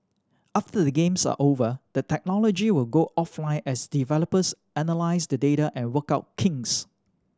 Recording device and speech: standing microphone (AKG C214), read sentence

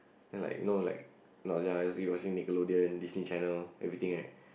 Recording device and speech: boundary microphone, conversation in the same room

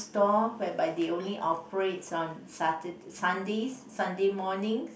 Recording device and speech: boundary microphone, conversation in the same room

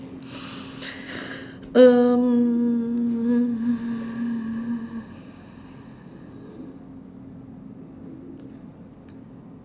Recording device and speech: standing microphone, conversation in separate rooms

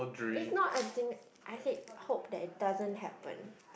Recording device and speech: boundary microphone, conversation in the same room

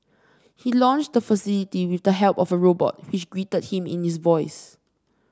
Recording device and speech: standing microphone (AKG C214), read sentence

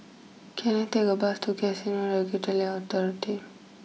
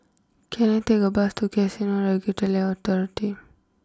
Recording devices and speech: mobile phone (iPhone 6), close-talking microphone (WH20), read sentence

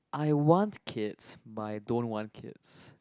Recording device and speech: close-talking microphone, conversation in the same room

